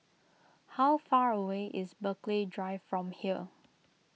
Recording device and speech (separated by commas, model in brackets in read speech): mobile phone (iPhone 6), read sentence